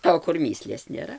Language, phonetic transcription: Lithuanian, o kur ˈmįslės nėˈra

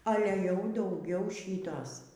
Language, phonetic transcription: Lithuanian, ˈale jau dauˈgiau ˈšytos

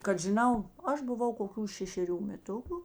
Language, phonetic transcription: Lithuanian, kad žiˈnau ˈaš buˈvau koˈkių šešeˈrių meˈtuku

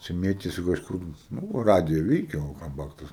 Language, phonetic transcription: Lithuanian, čia ˈmėtėsi kažˈkur ˈnu o ˈradija ˈveikia o ˈkam man ˈtas

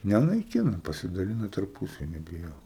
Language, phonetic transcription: Lithuanian, nenaiˈkina pasidaˈlina tarˈpusavy nebijok

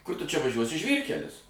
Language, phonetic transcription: Lithuanian, ˈkur tu čia vaˈžiuosi ˈžvyrkelis

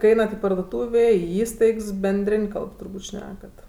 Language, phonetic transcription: Lithuanian, kai ˈeinat i parduoˈtūvė i ˈįstaigs benˈdrėn' ˈkalb turˈbūt' ˈšnekat

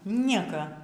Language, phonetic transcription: Lithuanian, ˈnieka

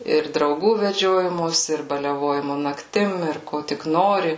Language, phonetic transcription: Lithuanian, ir drauˈgų veˈdžiojimosi ir baliaˈvojimu nakˈtim ir ˈko tik ˈnori

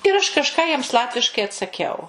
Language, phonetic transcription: Lithuanian, ir ˈaš kažˈką jiems ˈlatviškai atsaˈkiau

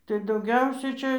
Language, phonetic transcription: Lithuanian, tai dauˈgiausia ˈčia

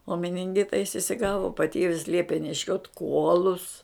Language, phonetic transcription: Lithuanian, o mininˈgita jis isiˈgavo paˈtėvis ˈliepė neˈšiot ˈkuolus

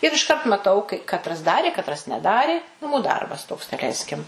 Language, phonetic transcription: Lithuanian, ir išˈkart maˈtau kai katˈras ˈdarė katˈras neˈdarė naˈmų ˈdarbas toks daˈleiskim

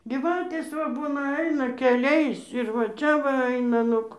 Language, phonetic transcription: Lithuanian, ˈgyvatės va ˈbūna ˈaina keˈliais ir va ˈčia va ˈaina ˈnug

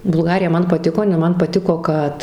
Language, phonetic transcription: Lithuanian, bulˈgarija ˈman paˈtiko jiˈnai ˈman paˈtiko ˈkad

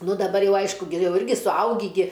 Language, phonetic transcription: Lithuanian, ˈnu daˈbar jau ˈaišku gi ˈjau ˈirgi suˈaugį gi

